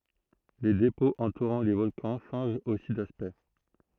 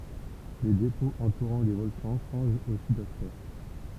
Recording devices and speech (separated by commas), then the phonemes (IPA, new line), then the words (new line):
throat microphone, temple vibration pickup, read sentence
le depɔ̃z ɑ̃tuʁɑ̃ le vɔlkɑ̃ ʃɑ̃ʒt osi daspɛkt
Les dépôts entourant les volcans changent aussi d'aspect.